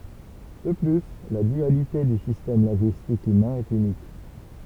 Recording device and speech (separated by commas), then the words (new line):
temple vibration pickup, read sentence
De plus, la dualité du système linguistique humain est unique.